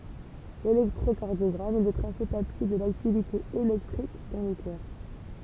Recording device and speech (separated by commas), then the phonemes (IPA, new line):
temple vibration pickup, read sentence
lelɛktʁokaʁdjɔɡʁam ɛ lə tʁase papje də laktivite elɛktʁik dɑ̃ lə kœʁ